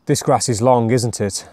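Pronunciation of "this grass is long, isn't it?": The voice falls on the tag 'isn't it', and the fall is not a strong one.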